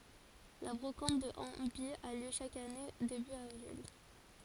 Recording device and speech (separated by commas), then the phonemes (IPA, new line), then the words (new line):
forehead accelerometer, read sentence
la bʁokɑ̃t də ɑ̃baj a ljø ʃak ane deby avʁil
La brocante de Hambye a lieu chaque année début avril.